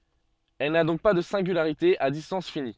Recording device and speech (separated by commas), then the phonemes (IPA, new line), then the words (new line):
soft in-ear microphone, read sentence
ɛl na dɔ̃k pa də sɛ̃ɡylaʁite a distɑ̃s fini
Elle n'a donc pas de singularité à distance finie.